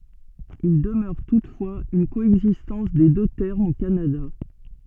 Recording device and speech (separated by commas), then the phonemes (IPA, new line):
soft in-ear microphone, read sentence
il dəmœʁ tutfwaz yn koɛɡzistɑ̃s de dø tɛʁmz o kanada